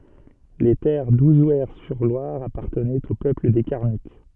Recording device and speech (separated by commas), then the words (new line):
soft in-ear microphone, read sentence
Les terres d'Ouzouer-sur-Loire appartenaient au peuple des Carnutes.